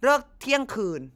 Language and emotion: Thai, angry